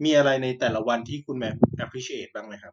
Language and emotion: Thai, neutral